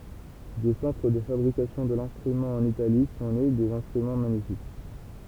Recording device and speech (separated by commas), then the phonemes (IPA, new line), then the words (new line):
temple vibration pickup, read sentence
de sɑ̃tʁ də fabʁikasjɔ̃ də lɛ̃stʁymɑ̃ ɑ̃n itali sɔ̃ ne dez ɛ̃stʁymɑ̃ maɲifik
Des centres de fabrication de l'instrument en Italie, sont nés des instruments magnifiques.